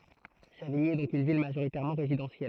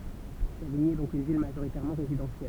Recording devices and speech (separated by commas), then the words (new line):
throat microphone, temple vibration pickup, read sentence
Savigny est donc une ville majoritairement résidentielle.